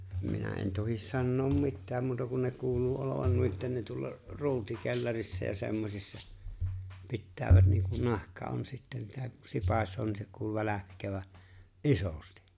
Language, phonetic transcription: Finnish, 'minä en 'tohis 'sannoom "mittääm muuta kun ne 'kuuluu 'olovan nuitten ne tuolla , 'ru̬utikellarissa ja 'se̬mmosissa , 'pittäävät niiŋkun 'nahka on sittä sitä kun 'sipaśoo niin se 'kuulu 'väläkkävä , "’isosti .
- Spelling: minä en tohdi sanoa mitään muuta kun ne kuuluu olevan noiden ne tuolla ruutikellarissa ja semmoisissa pitävät niin kuin nahka on sitten sitä kun sipaisee niin se kuuluu välkkyvän isosti

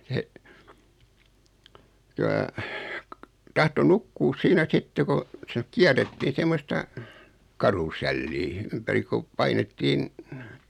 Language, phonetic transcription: Finnish, se , silaila , 'tahto "nukkuus 'siinä 'sitte ko , se 'kiärrettiin̬ 'semmosta , "karusɛllii , 'ympäri kuᵖ , 'painettiin ,.
- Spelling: se sillä lailla tahtoi nukkua siinä sitten kun se kierrettiin semmoista karusellia ympäri kun painettiin

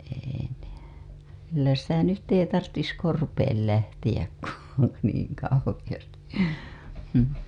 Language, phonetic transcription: Finnish, ei ne , "kyllä 'sitä 'nyt 'ei tarttis "korpeel lähtiʲäk ku , niiŋ kauhiʲasti , hʸm .
- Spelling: ei ne kyllä sitä nyt ei tarvitsisi korpeen lähteä kun niin kauheasti mm

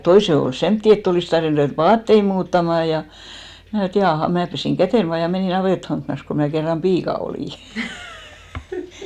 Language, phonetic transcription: Finnish, 'toise ol "semtti et't ‿olìs tarvin ruvèt "vaattei muuttamà ja , 'mää (ajatteli) et 'jaaha ja 'mää pesìŋ "kätèn 'vaa ja 'menì 'navèthaŋkkⁱnas ko 'mää kerram "piika olì .
- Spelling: toisen oli semmoisia että olisi tarvinnut ruveta vaatteita muuttamaan ja minä ajattelin että jaaha ja minä pesin käteni vaan ja menin navettahankkinassa kun minä kerran piika olin

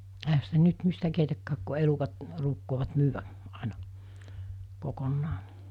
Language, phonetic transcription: Finnish, ehä sitä 'nyt 'mistä keitäkkääk ku 'elukat , ruukkoovat 'myyvä , 'àena , 'kokonnaa .
- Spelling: eihän sitä nyt mistä keitäkään kun elukat ruukaavat myydä aina kokonaan

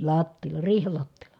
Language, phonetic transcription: Finnish, lattiil̆la , riihel lattiil̀a .
- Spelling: lattialla riihen lattialla

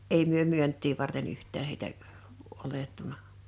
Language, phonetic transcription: Finnish, 'èi myö 'myönt̆tii varten 'yht̆tää(n) heitä , 'olettuna .
- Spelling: ei me myyntiä varten yhtään heitä otettu

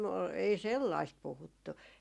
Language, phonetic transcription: Finnish, ei "sellaist 'puhuttu .
- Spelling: ei sellaista puhuttu

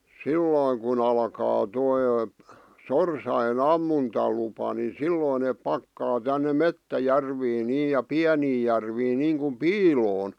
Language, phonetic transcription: Finnish, sillòⁱŋ kun ‿alkaa 'toi , "sorsaje"n ‿ammuntalupa ni "sillòⁱn neep 'pakkaa tänne "mettä'järviin 'nii ja "piänii järviin niiŋkuᵐ "piiloon .
- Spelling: silloin kun alkaa tuo sorsien ammuntalupa niin silloin ne pakkaa tänne metsäjärviin niin ja pieniin järviin niin kuin piiloon

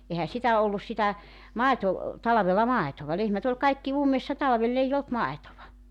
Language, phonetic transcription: Finnish, ehä 'sitä 'ollus sitä , 'màeto- , 'talavella "màetova 'lehmät ‿oĺ 'kaikki "ummessa 'talvel'l ‿eij ‿olt 'maetova .
- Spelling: eihän sitä ollut sitä - talvella maitoa lehmät oli kaikki ummessa talvella ei ollut maitoa

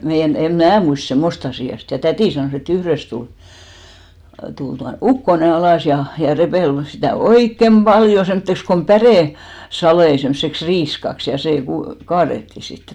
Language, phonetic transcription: Finnish, meijän , 'em "mää muist "semmost ‿asì₍a 'sit , ja "tätì sanòs ‿e't ‿yhrest tul , tul 'tua , "ukkone 'alàs ja , ja 'repèl sitä̀ "oikkem "ʙaljo 'semmᵒtteks kom "pärè- , -'salei semseks "riiskaks , ja 'sè ku- , 'kaaretti sittᴇ .
- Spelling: meidän en minä muista semmoista asiaa sitten ja täti sanoi että yhdestä tuli tuli tuo ukkonen alas ja ja repeli sitä oikein paljon semmoiseksi kun - päresaleita semmoiseksi riiskaksi ja se - kaadettiin sitten

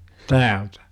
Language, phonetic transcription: Finnish, täältä .
- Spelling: täältä

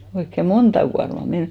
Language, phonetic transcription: Finnish, oikke "monta kuarma 'men .
- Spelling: oikein monta kuormaa meni

